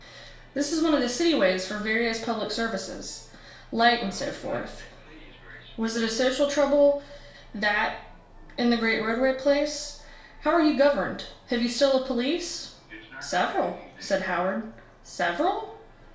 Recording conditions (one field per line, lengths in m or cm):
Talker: one person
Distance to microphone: 1.0 m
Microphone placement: close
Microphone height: 1.1 m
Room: small (3.7 m by 2.7 m)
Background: television